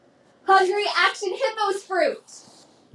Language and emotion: English, happy